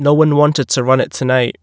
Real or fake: real